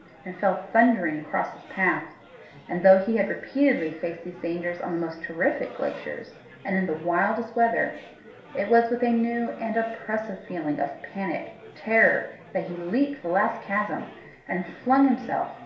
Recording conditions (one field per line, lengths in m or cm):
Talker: one person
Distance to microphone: 1.0 m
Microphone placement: close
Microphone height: 1.1 m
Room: small (3.7 m by 2.7 m)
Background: babble